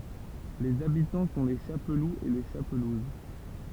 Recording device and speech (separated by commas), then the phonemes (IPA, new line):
temple vibration pickup, read sentence
lez abitɑ̃ sɔ̃ le ʃapluz e le ʃapluz